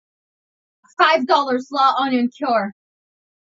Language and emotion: English, neutral